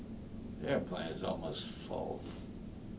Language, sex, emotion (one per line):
English
male
disgusted